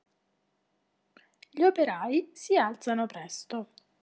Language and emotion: Italian, neutral